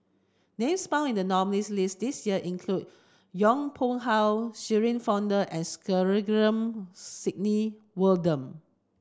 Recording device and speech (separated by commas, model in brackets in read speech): standing microphone (AKG C214), read sentence